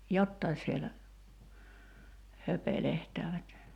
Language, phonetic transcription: Finnish, "jottai sielä , 'höpelehtäävät .
- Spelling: jotakin siellä höpelehtävät

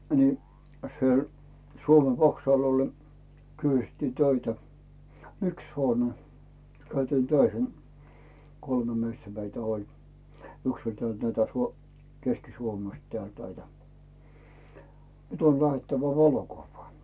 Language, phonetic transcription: Finnish, ni , sⁱel , 'Suome "vaksàl ol ne , 'kysʸtti "töitä , "yks hoone 'käytiin "töihen , 'kolme miestä meitä oĺ , 'yks ‿oĺ "tᵉä̀lt 'näitä 'suo- , "Keskisuomest tᵉä̀lt näitä , » 'nyt ‿on 'läʰettävä "valokuvvaa « .
- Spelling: niin siellä Suomen vaksal oli ne kysyttiin töitä yksi huone käytiin töihin kolme miestä meitä oli yksi oli täältä näitä - Keski-Suomesta täältä näitä nyt on lähdettävä valokuvaan

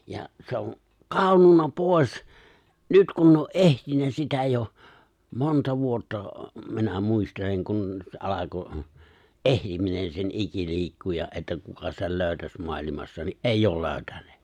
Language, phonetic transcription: Finnish, ja se oŋ , "kàonnunna 'pòes , 'nyt kun ne o "’ehtinnä sitä jo , 'monta 'vuotta , minä 'muisteleŋ kun , se '’alako , "’ehiminen sen '’iki'l̜iikkuja’ ’että 'kuka sel 'lö̀y̬̬täs 'mo̭alimassa ni’ "’eijj ‿ol 'lö̀y̬tänᴇᴇ .
- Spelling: ja se on kadonnut pois nyt kun ne on etsinyt sitä jo monta vuotta minä muistelen kun se alkoi etsiminen sen ikiliikkujan että kuka sen löytäisi maailmassa niin ei ole löytäneet

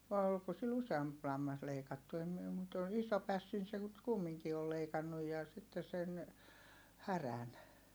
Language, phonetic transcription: Finnish, vài̮ olko sil useamp lammas leikattu em miɛ mut ton̬ iso pässin se (nyt) kummiŋki ol leikannuj̆ ja sitte sen , härän .
- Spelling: vai oliko sillä useampi lammas leikattu en minä mutta tuon ison pässin se nyt kumminkin oli leikannut ja sitten sen härän

